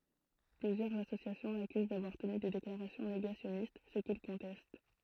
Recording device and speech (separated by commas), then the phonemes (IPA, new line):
throat microphone, read sentence
plyzjœʁz asosjasjɔ̃ lakyz davwaʁ təny de deklaʁasjɔ̃ neɡasjɔnist sə kil kɔ̃tɛst